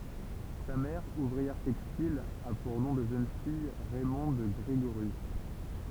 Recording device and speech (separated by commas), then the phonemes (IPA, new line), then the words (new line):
temple vibration pickup, read sentence
sa mɛʁ uvʁiɛʁ tɛkstil a puʁ nɔ̃ də ʒøn fij ʁɛmɔ̃d ɡʁeɡoʁjys
Sa mère, ouvrière textile, a pour nom de jeune fille Raymonde Grégorius.